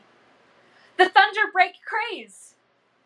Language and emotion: English, surprised